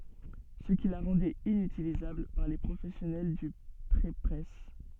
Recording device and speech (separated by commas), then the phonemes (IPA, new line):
soft in-ear microphone, read sentence
sə ki la ʁɑ̃dɛt inytilizabl paʁ le pʁofɛsjɔnɛl dy pʁepʁɛs